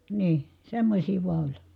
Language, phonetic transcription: Finnish, nii , semmośii vua oĺ .
- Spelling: niin semmoisia vain oli

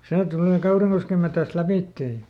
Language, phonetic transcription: Finnish, ˈsee ˈtulè "Kauriŋkoskem metäst ˈläpìttee ʲᵃ .
- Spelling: se tulee Kaurinkosken metsästä lävitse ja

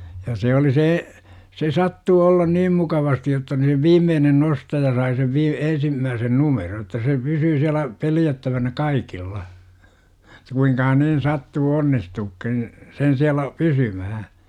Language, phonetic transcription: Finnish, ja 'se oli see , se 'sattuu ollan "niim 'mukavasti§ jotta ni sᵉ 'viimmeenen "nostaja sai sev vii- , 'ensimmääsen "numeron että se 'pysyy siälä 'peljättävänä "kaikilla , -ta kuiŋkahan nin 'sattuu "onnistuukkin , sen siälä , "pysymähä .
- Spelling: ja se oli se se sattui olla niin mukavasti jotta niin se viimeinen nostaja sai sen - ensimmäisen numeron että se pysyi siellä pelättävänä kaikilla jotta kuinkahan niin sattui onnistumaankin sen siellä pysymään

